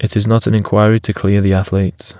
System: none